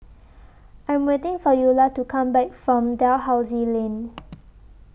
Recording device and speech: boundary microphone (BM630), read sentence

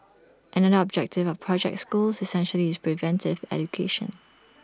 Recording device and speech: standing microphone (AKG C214), read sentence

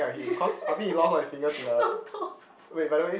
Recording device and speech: boundary microphone, conversation in the same room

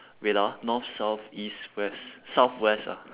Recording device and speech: telephone, conversation in separate rooms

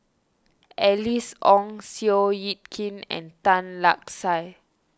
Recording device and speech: standing microphone (AKG C214), read sentence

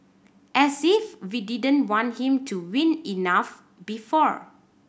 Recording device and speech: boundary microphone (BM630), read sentence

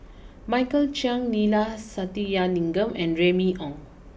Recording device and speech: boundary microphone (BM630), read sentence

